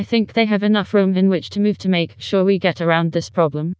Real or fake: fake